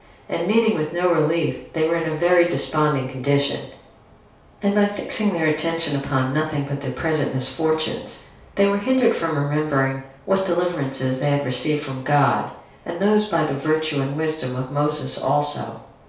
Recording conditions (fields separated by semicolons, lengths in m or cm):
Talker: one person; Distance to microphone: 3.0 m; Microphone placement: far; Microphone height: 1.8 m; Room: small (3.7 m by 2.7 m); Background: none